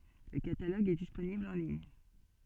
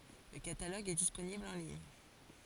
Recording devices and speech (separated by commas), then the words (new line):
soft in-ear microphone, forehead accelerometer, read sentence
Le catalogue est disponible en ligne.